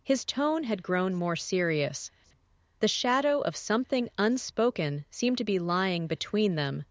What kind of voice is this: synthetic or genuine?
synthetic